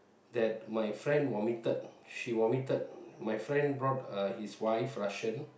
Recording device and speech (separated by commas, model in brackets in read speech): boundary microphone, conversation in the same room